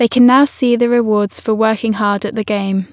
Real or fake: real